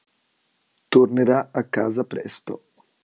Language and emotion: Italian, neutral